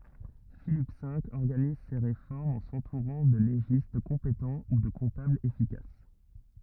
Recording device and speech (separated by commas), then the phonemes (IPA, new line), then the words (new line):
rigid in-ear microphone, read sentence
filip ve ɔʁɡaniz se ʁefɔʁmz ɑ̃ sɑ̃tuʁɑ̃ də leʒist kɔ̃petɑ̃ u də kɔ̃tablz efikas
Philippe V organise ses réformes en s'entourant de légistes compétents ou de comptables efficaces.